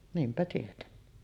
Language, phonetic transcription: Finnish, 'niimpä tietenni .
- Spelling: niinpä tietenkin

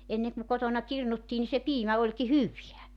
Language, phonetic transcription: Finnish, 'enne ku 'kotona 'kirnuttii ni se "piimä oĺki "hyviä .
- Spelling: ennen kun kotona kirnuttiin niin se piimä olikin hyvää

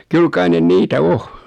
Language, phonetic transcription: Finnish, 'kyl kai 'nen 'niitä "o .
- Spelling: kyllä kai ne niitä on

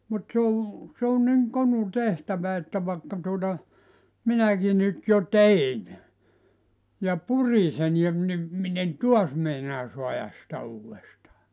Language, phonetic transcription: Finnish, mut se o , se on niŋ 'konu 'tehtävä että 'vaᵉkka tuota , 'minäki nyt jo "tein , ja "puri sen ja ‿v- ni , 'min ‿en "tuas meinaa 'suajas sⁱtä 'uuwestaa .
- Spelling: mutta se on se on niin konu tehtävä että vaikka tuota minäkin nyt jo tein ja purin sen ja - niin minä en taas meinaa saada sitä uudestaan

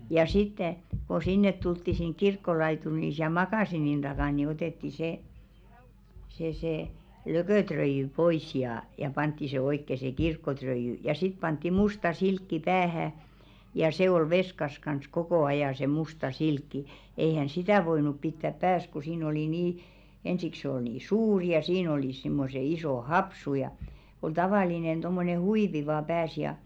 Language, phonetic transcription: Finnish, ja 'sitte , ko 'sinnet tultti siŋ "kirkkolaituri ni siäl "makàsinin ᴅakàn ni 'otètti 'sè , se se , "lökö̀tröijy pois jaa , ja 'pantti se 'oikke se "kirkkotröijy , ja 'sit pantti "musta 'silkki 'päähä , ja se ol 'veskas kans "kokò 'ajà se 'musta "silkki , eihä̀n̬ "sitä̀ 'voinup 'pittäp "pääs ku siin ‿oli 'nii , 'ensik sᵉ ‿ol nii "suuri ja siin ‿olìs simmose 'isò "hopsu ja , ol 'tavàlinen ᴅommone "huivi vaa 'pääs ja .
- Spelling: ja sitten kun sinne tultiin sinne kirkkolaituriin niin siellä makasiinin takana niin otettiin se se se lököröijy pois ja ja pantiin se oikein se kirkkoröijy ja sitten pantiin musta silkki päähän ja se oli veskassa kanssa koko ajan se musta silkki eihän sitä voinut pitää päässä kun siinä oli niin ensiksi se oli niin suuri ja siinä olivat semmoiset isot hopsut ja oli tavallinen tuommoinen huivi vain päässä ja

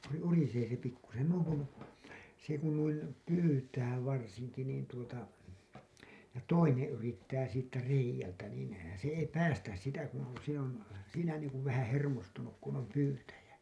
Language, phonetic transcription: Finnish, se 'urisee se 'pikkusen , nuiŋ kun , se kun nuin , 'pyytää 'varsiŋki niin tuota , ja 'toineḛ yrittää siittä reij̆jältä niin , se ei 'päästäs sitä , kun̬ , se ‿on , siinä niiŋkuv 'vähää̰ "hermostunuk kun ‿om "pyytäjä .
- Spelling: se urisee se pikkuisen noin kun se kun noin pyytää varsinkin niin tuota ja toinen yrittää siitä reiältä niin se ei päästä sitä kun se on siinä niin kuin vähän hermostunut kun on pyytäjä

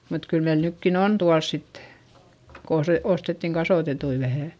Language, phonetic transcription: Finnish, mut kyl meil nykkin ‿on tuals sittE , ko ose- , ostettiŋ kasòtetui vähä̀ .
- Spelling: mutta kyllä meillä nytkin on tuolla sitten kun - ostettiin kasvatettuja vähän

